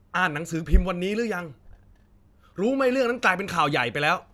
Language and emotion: Thai, angry